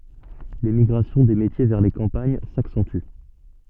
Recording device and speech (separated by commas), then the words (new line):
soft in-ear microphone, read sentence
L'émigration des métiers vers les campagnes s'accentue.